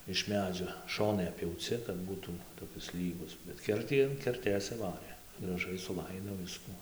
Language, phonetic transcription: Lithuanian, iš ˈmedžio ˈšonai appjauˈci kad ˈbūtų toˈkis ˈlygus bet ˈkertį an kerˈtės suˈvarė graˈžai suˈlaido ˈvisku

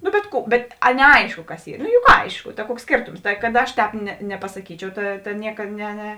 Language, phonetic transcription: Lithuanian, nu bet ˈkų bet a neˈaišku kas ˈy nu juk ˈaišku ta ˈkuoks ˈskėrtoms tai kad ˈaš ˈtēp ne nepasaˈkyčiau ˈta ˈnieka ne ne

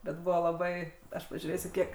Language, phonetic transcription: Lithuanian, bet ˈbuvo laˈbai ˈaš pažiūˈrėsiu ˈkiek

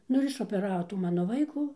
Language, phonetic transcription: Lithuanian, ˈnu ir išopeˈravo ˈtų ˈmano ˈvaikų

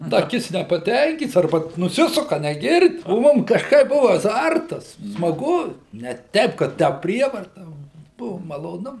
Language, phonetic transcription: Lithuanian, da ˈkits nepaˈtenkyts arˈba nuˈsisuka negird' o ˈmum kažˈkaip ˈbuva aˈzartas smaˈgu ne ˈteip kad ˈtę ˈprievarta ˈva ˈbuvo maloˈnu

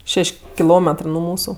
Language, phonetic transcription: Lithuanian, ˈšeš' kiˈlometrɜ nu ˈmūsu

